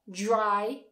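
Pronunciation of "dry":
In 'dry', the d and r combine, so it starts with more of a j sound than a d sound.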